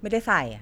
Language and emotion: Thai, frustrated